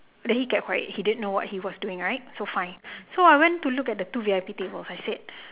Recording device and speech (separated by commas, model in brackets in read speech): telephone, conversation in separate rooms